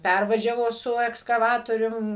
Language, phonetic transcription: Lithuanian, ˈpærvažiavo su ekskaˈvatorium

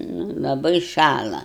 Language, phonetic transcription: Lithuanian, nu laˈbai ˈšala

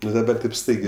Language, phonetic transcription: Lithuanian, ˈnu daˈbar tėp ˈstaigė

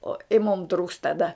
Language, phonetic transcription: Lithuanian, o i mum trūks taˈda

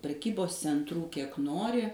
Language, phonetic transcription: Lithuanian, preˈkybos centˈrų ˈkiek ˈnori

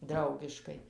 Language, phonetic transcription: Lithuanian, ˈdraugiškai

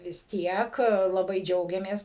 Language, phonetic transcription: Lithuanian, vis ˈtiek laˈbai ˈdžiaugiamės

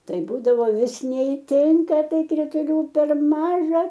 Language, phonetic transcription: Lithuanian, ˈtai ˈbūdavo ˈvis neiˈtinka ˈtai krituˈlių per ˈmaža

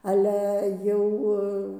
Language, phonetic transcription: Lithuanian, ˈale ˈjau

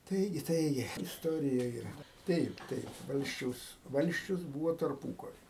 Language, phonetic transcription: Lithuanian, ˈtaigi ˈtaigi isˈtorija yˈra ˈtaip ˈtaip ˈvalsčiaus ˈvalsčius ˈbūvo tarˈpūkari

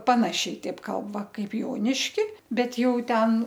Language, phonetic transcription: Lithuanian, ˈpanašiai ˈteip ˈkalb ˈva ˈkaip ˈjoniški ˈbet ˈjau ˈten

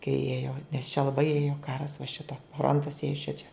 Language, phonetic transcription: Lithuanian, kai ˈėjo nes čia laˈbai ˈėjo ˈkaras va ˈšito ˈfrontas ˈėjo ˈšičia

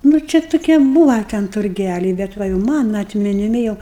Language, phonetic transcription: Lithuanian, nu ˈčia tuˈkie ˈbūva ten turˈgæliai bet ˈva jau ˈmana atminiˈmi jau

